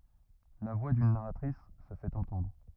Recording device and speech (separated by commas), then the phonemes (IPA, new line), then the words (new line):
rigid in-ear microphone, read sentence
la vwa dyn naʁatʁis sə fɛt ɑ̃tɑ̃dʁ
La voix d'une narratrice se fait entendre.